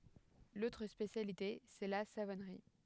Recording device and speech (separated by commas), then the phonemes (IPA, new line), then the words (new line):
headset microphone, read sentence
lotʁ spesjalite sɛ la savɔnʁi
L'autre spécialité, c'est la savonnerie.